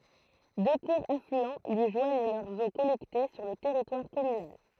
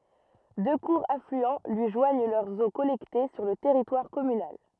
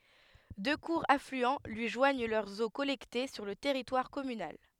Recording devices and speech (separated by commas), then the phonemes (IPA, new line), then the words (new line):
throat microphone, rigid in-ear microphone, headset microphone, read sentence
dø kuʁz aflyɑ̃ lyi ʒwaɲ lœʁz o kɔlɛkte syʁ lə tɛʁitwaʁ kɔmynal
Deux courts affluents lui joignent leurs eaux collectées sur le territoire communal.